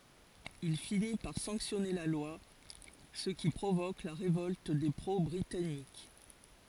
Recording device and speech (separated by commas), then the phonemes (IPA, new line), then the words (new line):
forehead accelerometer, read sentence
il fini paʁ sɑ̃ksjɔne la lwa sə ki pʁovok la ʁevɔlt de pʁo bʁitanik
Il finit par sanctionner la loi, ce qui provoque la révolte des pro-britanniques.